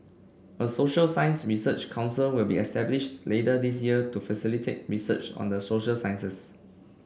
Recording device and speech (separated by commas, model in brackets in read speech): boundary microphone (BM630), read sentence